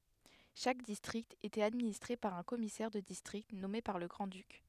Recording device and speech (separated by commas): headset microphone, read sentence